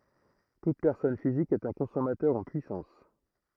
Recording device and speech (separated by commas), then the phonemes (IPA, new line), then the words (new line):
throat microphone, read sentence
tut pɛʁsɔn fizik ɛt œ̃ kɔ̃sɔmatœʁ ɑ̃ pyisɑ̃s
Toute personne physique est un consommateur en puissance.